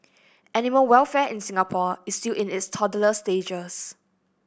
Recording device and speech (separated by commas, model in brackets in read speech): boundary microphone (BM630), read sentence